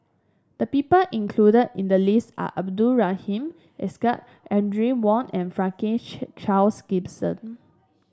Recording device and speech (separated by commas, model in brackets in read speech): standing microphone (AKG C214), read sentence